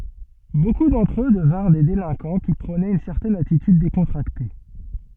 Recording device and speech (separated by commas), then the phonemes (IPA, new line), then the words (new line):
soft in-ear microphone, read sentence
boku dɑ̃tʁ ø dəvɛ̃ʁ de delɛ̃kɑ̃ ki pʁonɛt yn sɛʁtɛn atityd dekɔ̃tʁakte
Beaucoup d’entre eux devinrent des délinquants qui prônaient une certaine attitude décontractée.